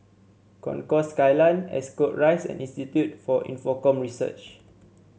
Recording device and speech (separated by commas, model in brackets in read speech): mobile phone (Samsung C7), read sentence